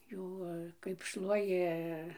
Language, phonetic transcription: Lithuanian, ˈjų kaip ˈšluoji

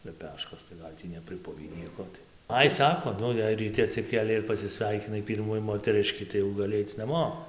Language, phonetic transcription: Lithuanian, leˈpeškos tai ˈgal' tį nepriˈpuvį ˈnieko tai ˈai ˈsako ˈnu jei ryˈti atsiˈkėlei ir pasiˈsveikinai ˈpyrmų moteˈriškį tai jau gaˈli ˈaic naˈmo

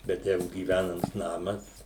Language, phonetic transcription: Lithuanian, bet ˈjeigu gyˈvænams ˈnamas

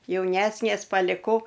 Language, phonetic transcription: Lithuanian, jauˈnesnės paliˈkau

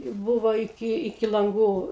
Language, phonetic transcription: Lithuanian, ˈbuvo iˈki iˈki lanˈgų

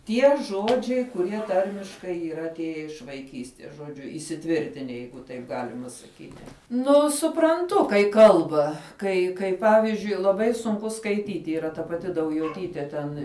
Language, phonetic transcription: Lithuanian, ˈtie ˈžodžiai kuˈrie ˈtarmiškai yˈra atˈėje iš vaiˈkysties žoˈdžiu įsiˈtvirtine ˈjeigu taip ˈgalima saˈkyti ˈnu supranˈtu kai ˈkalba ˈkai kai ˈpavizdžiui laˈbai sunˈku skaiˈtyti yˈra ta paˈti daujoˈtytė ten

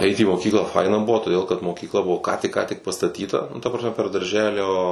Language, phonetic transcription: Lithuanian, eit į moˈkyklą ˈfaina ˈbuvo toˈdėl kad mokykˈla ˈbuvo ką tik ką tik pastaˈtyta nu ˈta prasˈme per darˈželio

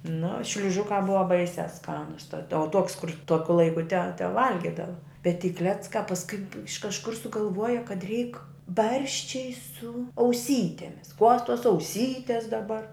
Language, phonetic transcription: Lithuanian, nu šliuˈžukā ˈbuva ˈbaisiā ˈskanus tad o tuok's kur ˈtuokiu ˈlaiku te teˈvalgidava bet ty ˈkleckā pasˈkui iš kažˈkur sugalˈvuoja kad reik ˈbarščiai su auˈsytemis kuos tuos auˈsytės daˈbar

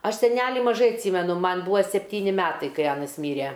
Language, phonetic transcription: Lithuanian, ˈaš seˈneli maˈžai atˈsymenu ˈman ˈbuva sepˈtyni ˈmetai kai ˈanas ˈmyre

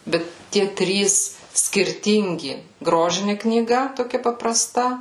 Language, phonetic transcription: Lithuanian, ˈbet ˈtie ˈtrys skirˈtingi ˈgrožini knyˈga toˈkia papraˈsta

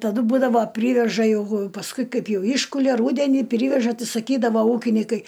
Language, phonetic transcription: Lithuanian, taˈdu ˈbūdavo ˈpryveža jeˈgu pasˈkui ˈkaip ˈjau ˈyškulia ˈrūdenį ˈpriveža ˈtai saˈkydavo ˈūkinikai

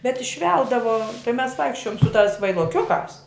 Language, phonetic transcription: Lithuanian, bet išˈveldavo tai mes ˈvaikščiojom su tās vailoˈkiukās

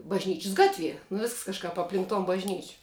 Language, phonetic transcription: Lithuanian, bažˈnyčis ˈgatˌvie nu visks kažˈkap apˈlink ton bažˈnyč'

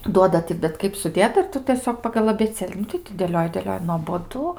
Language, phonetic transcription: Lithuanian, ˈduoda ti bet ˈkaip suˈdėta ir ˈtu tieˈsiog pagal abėˈcėli ˈnu tai ti dėˈlioji dėˈlioji nuoboˈdu

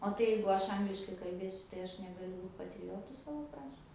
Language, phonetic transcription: Lithuanian, o ˈtai jeigu ˈaš ˈangliškai kalˈbėsiu tai ˈaš negaˈliu ˈbūt patriˈjotu ˈsavo ˈkrašt

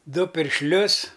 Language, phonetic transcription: Lithuanian, ˈdu piršˈlius

